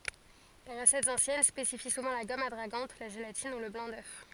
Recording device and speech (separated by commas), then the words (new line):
forehead accelerometer, read sentence
Les recettes anciennes spécifient souvent la gomme adragante, la gélatine, ou le blanc d'œuf.